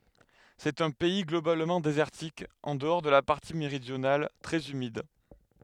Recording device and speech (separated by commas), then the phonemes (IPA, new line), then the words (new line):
headset microphone, read sentence
sɛt œ̃ pɛi ɡlobalmɑ̃ dezɛʁtik ɑ̃ dəɔʁ də la paʁti meʁidjonal tʁɛz ymid
C'est un pays globalement désertique, en dehors de la partie méridionale, très humide.